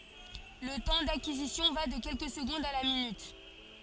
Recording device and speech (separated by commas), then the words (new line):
forehead accelerometer, read sentence
Le temps d'acquisition va de quelques secondes à la minute.